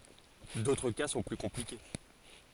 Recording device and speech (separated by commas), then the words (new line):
forehead accelerometer, read sentence
D'autres cas sont plus compliqués.